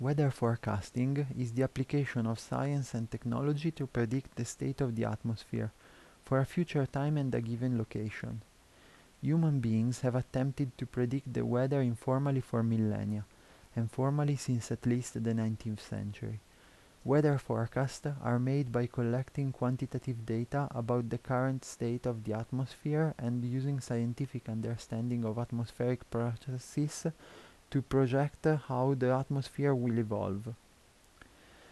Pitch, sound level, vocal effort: 125 Hz, 78 dB SPL, soft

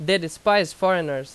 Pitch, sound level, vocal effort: 185 Hz, 91 dB SPL, very loud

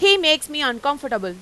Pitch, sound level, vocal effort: 285 Hz, 100 dB SPL, very loud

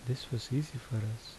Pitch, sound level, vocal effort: 125 Hz, 71 dB SPL, soft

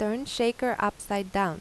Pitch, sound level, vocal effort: 210 Hz, 84 dB SPL, normal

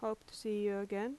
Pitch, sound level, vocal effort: 215 Hz, 82 dB SPL, normal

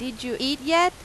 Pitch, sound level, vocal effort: 270 Hz, 91 dB SPL, loud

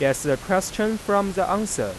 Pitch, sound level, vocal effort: 195 Hz, 92 dB SPL, normal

